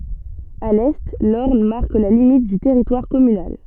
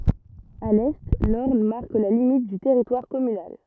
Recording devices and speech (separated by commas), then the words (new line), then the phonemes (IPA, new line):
soft in-ear microphone, rigid in-ear microphone, read sentence
À l'est, l'Orne marque la limite du territoire communal.
a lɛ lɔʁn maʁk la limit dy tɛʁitwaʁ kɔmynal